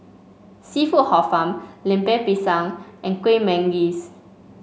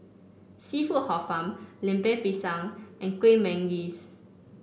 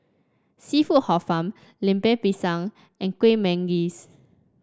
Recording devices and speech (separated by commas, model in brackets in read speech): mobile phone (Samsung C5), boundary microphone (BM630), standing microphone (AKG C214), read sentence